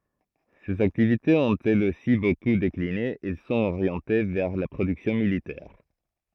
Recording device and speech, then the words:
throat microphone, read sentence
Ses activités ont elles aussi beaucoup décliné, elles sont orientées vers la production militaire.

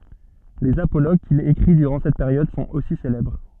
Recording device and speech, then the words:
soft in-ear microphone, read sentence
Les apologues qu'il écrit durant cette période sont aussi célèbres.

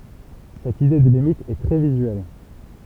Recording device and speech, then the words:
temple vibration pickup, read sentence
Cette idée de limite est très visuelle.

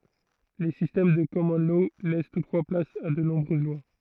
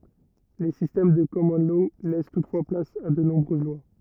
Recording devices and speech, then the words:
throat microphone, rigid in-ear microphone, read sentence
Les systèmes de common law laissent toutefois place à de nombreuses lois.

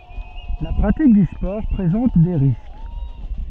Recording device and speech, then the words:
soft in-ear microphone, read sentence
La pratique du sport présente des risques.

